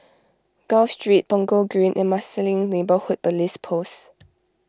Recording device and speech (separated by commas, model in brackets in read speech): close-talking microphone (WH20), read sentence